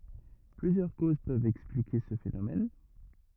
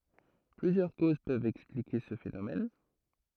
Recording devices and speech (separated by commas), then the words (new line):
rigid in-ear microphone, throat microphone, read sentence
Plusieurs causes peuvent expliquer ce phénomène.